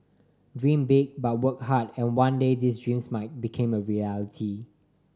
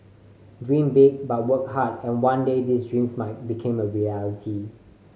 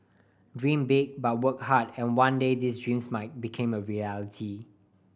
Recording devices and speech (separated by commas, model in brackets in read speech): standing microphone (AKG C214), mobile phone (Samsung C5010), boundary microphone (BM630), read sentence